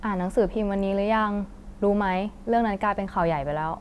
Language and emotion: Thai, neutral